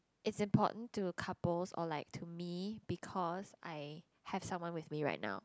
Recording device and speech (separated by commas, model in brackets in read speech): close-talking microphone, conversation in the same room